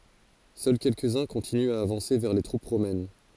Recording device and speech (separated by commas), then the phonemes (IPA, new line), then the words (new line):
forehead accelerometer, read sentence
sœl kɛlkəzœ̃ kɔ̃tinyt a avɑ̃se vɛʁ le tʁup ʁomɛn
Seuls quelques-uns continuent à avancer vers les troupes romaines.